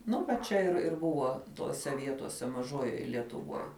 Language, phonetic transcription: Lithuanian, ˈnu va ˈčia ir ir ˈbuvo ˈtose ˈvietose maˈžojoj lietuˈvuoj

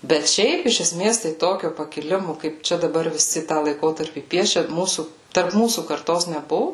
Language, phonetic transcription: Lithuanian, bet ˈšiaip iš eˈsmės tai ˈtokio pakiˈlimo kaip ˈčia daˈbar viˈsi tą laiˈkotarpį ˈpiešia ˈmūsų tarp ˈmūsų karˈtos neˈbuvu

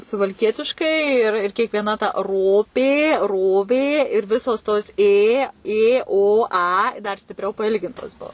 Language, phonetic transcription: Lithuanian, suvalˈkietiškai ir ir kiekvieˈna ta ˈropė ˈrovė ir ˈvisos tos ˈė ˈė ˈo ˈa dar stipˈriau paˈilgintos ˈbuo

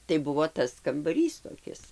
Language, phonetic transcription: Lithuanian, tai ˈbuvo ˈtas kambaˈrys toˈkis

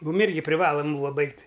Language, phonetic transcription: Lithuanian, ˈmūm ˈirgi priˈvalam ˈbūva ˈbaigt'

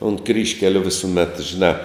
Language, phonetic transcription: Lithuanian, unt ˈkryžkeliu visuˈmet žiˈnā

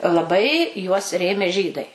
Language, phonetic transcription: Lithuanian, laˈbai juos ˈrėmė ˈžydai

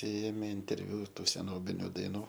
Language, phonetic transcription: Lithuanian, ˈėmė interˈviu ˈtų seˈnobiniu daiˈnų

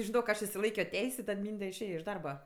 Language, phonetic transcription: Lithuanian, žiˈnok ˈaš išsiˈlaikio ˈteis' i ˈtad ˈmynde išˈėja iš ˈdarba

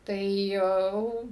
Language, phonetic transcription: Lithuanian, tai ˈjau

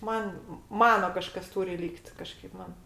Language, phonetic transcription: Lithuanian, ˈman ˈmano ˈkažkas ˈtūri ˈlykt ˈkažkaip ˈman

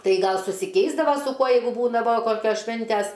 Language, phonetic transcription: Lithuanian, ˈtai ˈgal susiˈkeisdava su ˈkuo jeigu ˈbūdavo ˈkokios ˈšvintæs

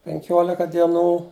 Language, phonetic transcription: Lithuanian, penˈkiolika dieˈnų

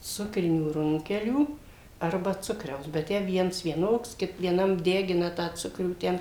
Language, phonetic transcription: Lithuanian, ˈsukrinių ˈrunkelių ˈarba ˈcukriaus bet ˈtę ˈviens vieˈnoks vieˈnam ˈdegina tą ˈcukrių ˈten

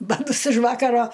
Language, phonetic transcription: Lithuanian, baˈtus iš ˈvakaro

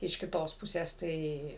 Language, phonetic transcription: Lithuanian, iš kiˈtos ˈpusės ˈtai

